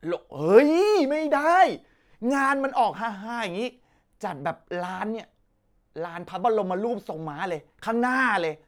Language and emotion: Thai, happy